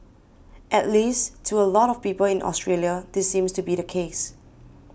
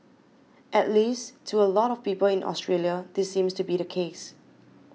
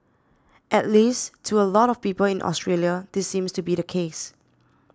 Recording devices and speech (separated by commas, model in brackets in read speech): boundary microphone (BM630), mobile phone (iPhone 6), standing microphone (AKG C214), read sentence